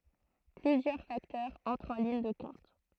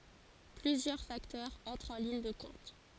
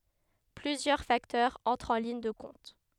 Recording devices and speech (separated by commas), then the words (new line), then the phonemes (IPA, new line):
throat microphone, forehead accelerometer, headset microphone, read sentence
Plusieurs facteurs entrent en ligne de compte.
plyzjœʁ faktœʁz ɑ̃tʁt ɑ̃ liɲ də kɔ̃t